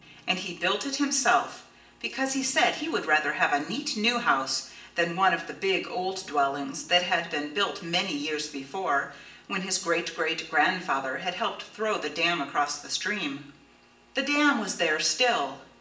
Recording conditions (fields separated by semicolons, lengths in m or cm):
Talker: one person; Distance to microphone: 1.8 m; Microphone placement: close; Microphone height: 1.0 m; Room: large; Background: music